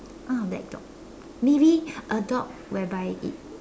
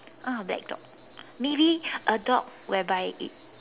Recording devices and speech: standing microphone, telephone, conversation in separate rooms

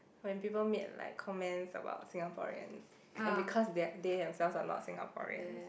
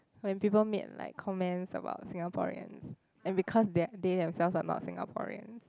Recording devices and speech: boundary microphone, close-talking microphone, conversation in the same room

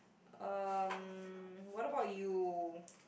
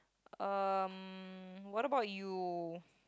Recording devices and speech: boundary microphone, close-talking microphone, conversation in the same room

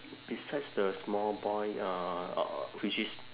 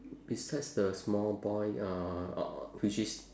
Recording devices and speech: telephone, standing microphone, conversation in separate rooms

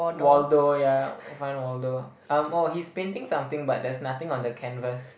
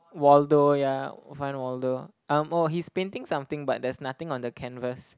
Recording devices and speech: boundary microphone, close-talking microphone, conversation in the same room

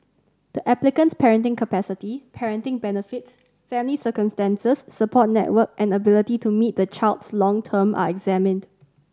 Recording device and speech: standing microphone (AKG C214), read sentence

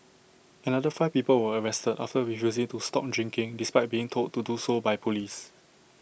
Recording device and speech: boundary microphone (BM630), read sentence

